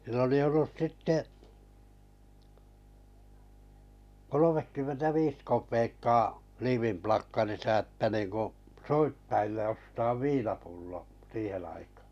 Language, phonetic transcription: Finnish, sill ‿oli 'ollus 'sitte , 'kolomekkymmentä 'viis kop̀eekkaa , 'liivimplakkarisa että niiŋku , 'soitt₍ille 'ostaav "viinapullo , 'siiheⁿ̬ aikaa .
- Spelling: sillä oli ollut sitten kolmekymmentä viisi kopeekkaa liivinplakkarissa että niin kuin soittajille ostaa viinapullo siihen aikaan

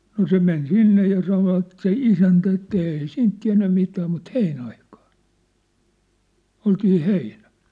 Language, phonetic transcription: Finnish, no "se men "sinne ja 'sanovat se "isäntä että » 'èi "siint 'tiä̭nnä̳ mitää mut "heinä₍aikᴀᴀɴ , 'oltii "heinᴀ̈(ʟ) . «
- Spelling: no se meni sinne ja sanoivat se isäntä että ei siitä tiennyt mitään mutta heinäaikaan oltiin heinällä

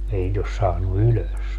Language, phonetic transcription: Finnish, 'ei nit ‿os 'saannu "ylös .
- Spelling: ei niitä ole saanut ylös

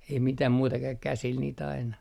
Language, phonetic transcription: Finnish, ei mitäm 'muuta kä- , 'käsil niit ‿aina .
- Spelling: ei mitään muuta - käsillä niitä aina

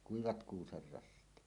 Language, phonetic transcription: Finnish, 'kuivat 'kuuserrassit .
- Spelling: kuivat kuusenrassit

